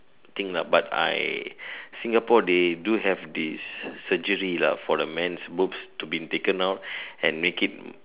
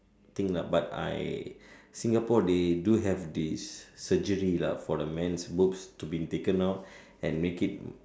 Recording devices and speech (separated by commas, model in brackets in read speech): telephone, standing microphone, conversation in separate rooms